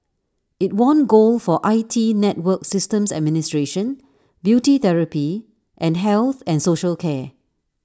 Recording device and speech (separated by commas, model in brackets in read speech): standing microphone (AKG C214), read sentence